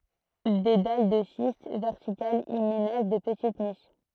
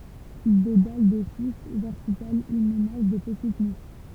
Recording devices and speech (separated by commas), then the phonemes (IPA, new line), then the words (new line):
throat microphone, temple vibration pickup, read sentence
de dal də ʃist vɛʁtikalz i menaʒ də pətit niʃ
Des dalles de schiste verticales y ménagent de petites niches.